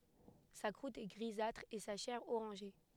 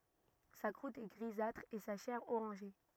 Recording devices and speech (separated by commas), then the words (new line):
headset microphone, rigid in-ear microphone, read sentence
Sa croûte est grisâtre et sa chair orangée.